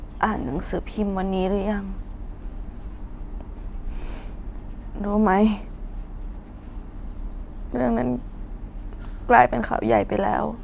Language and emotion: Thai, sad